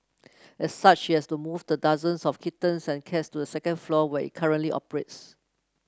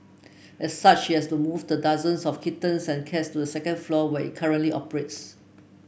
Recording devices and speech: close-talking microphone (WH30), boundary microphone (BM630), read sentence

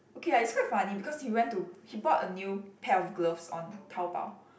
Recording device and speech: boundary microphone, conversation in the same room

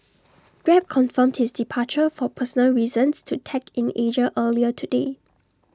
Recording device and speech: standing microphone (AKG C214), read sentence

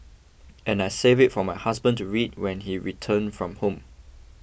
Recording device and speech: boundary microphone (BM630), read sentence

